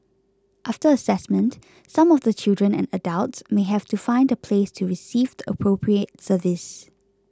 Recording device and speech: close-talking microphone (WH20), read sentence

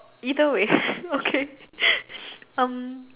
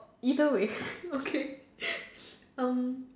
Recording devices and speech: telephone, standing microphone, conversation in separate rooms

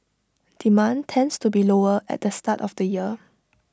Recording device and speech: standing microphone (AKG C214), read sentence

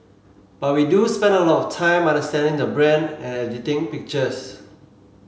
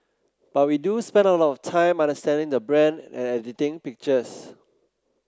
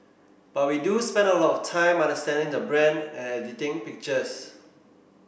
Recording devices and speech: mobile phone (Samsung C7), close-talking microphone (WH30), boundary microphone (BM630), read sentence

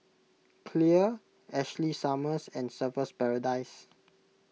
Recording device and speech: mobile phone (iPhone 6), read sentence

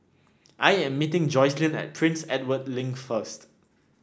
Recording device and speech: standing microphone (AKG C214), read sentence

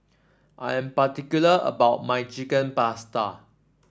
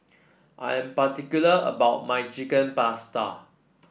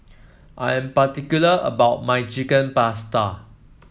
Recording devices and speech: standing microphone (AKG C214), boundary microphone (BM630), mobile phone (iPhone 7), read sentence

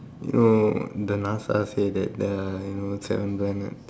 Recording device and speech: standing microphone, conversation in separate rooms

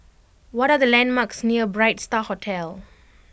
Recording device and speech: boundary microphone (BM630), read sentence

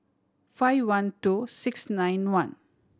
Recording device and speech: standing microphone (AKG C214), read sentence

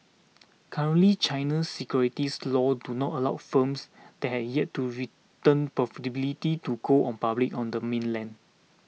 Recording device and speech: mobile phone (iPhone 6), read sentence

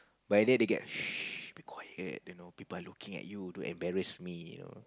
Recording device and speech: close-talking microphone, conversation in the same room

